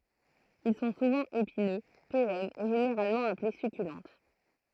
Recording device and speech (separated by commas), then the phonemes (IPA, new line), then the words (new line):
throat microphone, read sentence
il sɔ̃ suvɑ̃ epinø peʁɛnz e ʒeneʁalmɑ̃ aple sykylɑ̃t
Ils sont souvent épineux, pérennes, et généralement appelés succulentes.